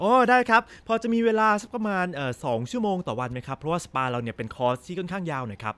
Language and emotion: Thai, happy